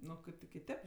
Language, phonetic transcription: Lithuanian, ˈnu o ˈkaip ti kiˈtėp

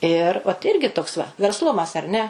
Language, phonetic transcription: Lithuanian, ir ot ˈirgi toks va versˈlumas ar ne

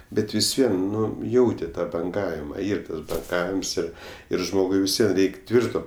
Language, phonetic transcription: Lithuanian, ˈbet vis ˈvien ˈnu ˈjauti ˈtą banˈgavima ˈyr ˈtas banˈgavims ˈir ir ˈžmogui visˈvie ˈreik' ˈtvirto

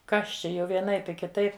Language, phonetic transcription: Lithuanian, ˈkas ˈčia jau vieˈnaip i kiˈtaip

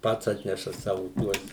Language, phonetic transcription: Lithuanian, ˈpats ˈatneša ˈsavu ˈtuos

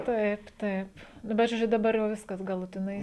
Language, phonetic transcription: Lithuanian, ˈtaip ˈtaip ˈnu bet žoˈdžiu daˈbar jau ˈviskas galutiˈnai

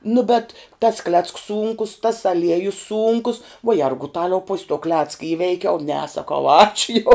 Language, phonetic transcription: Lithuanian, nu bet tas klecks ˈsūnkus tas aˈliejus ˈsūnkus vuo ˈjergutaliau pus' to ˈklecka ˈįveikiau ne saˈkau ˈačiu jau

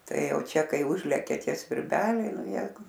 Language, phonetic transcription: Lithuanian, ˈtai ˈjau ˈčia ˈkai ˈužlekia ˈtie svirˈbeliai ˈnu ˈjeigu

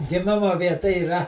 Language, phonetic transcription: Lithuanian, giˈmimo vieˈta yˈra

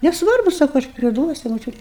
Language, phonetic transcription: Lithuanian, nesˈvarbu ˈsaku aš priˈduosiu moˈčiut'

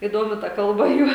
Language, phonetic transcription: Lithuanian, įˈdomi ta ˈkalba ˈjų

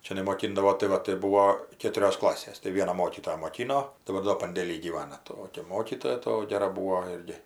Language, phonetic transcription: Lithuanian, ˈčia nemoˈkindavo tai ˈva tai ˈbūvo ˈkėturios ˈklasės tai ˈviena ˈmokytoja moˈkino tai ˈva do pandėˈly gyˈvana ˈtokia ˈmokytoja ˈto ˈgera ˈbūo ˈirgi

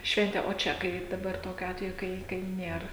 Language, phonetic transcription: Lithuanian, ˈšventė o ˈčia ˈkaip daˈbar ˈtokiu ˈatveju ˈkai ˈkai ˈnėr

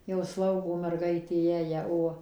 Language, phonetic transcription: Lithuanian, jau ˈslaugo merˈgaitė ˈjąją ˈo

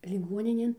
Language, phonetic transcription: Lithuanian, liˈguoninėn

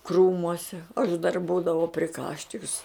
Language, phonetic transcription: Lithuanian, ˈkrūmuose aš dar ˈbūdavau priˈkaščiks

